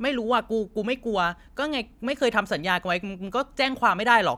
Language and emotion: Thai, frustrated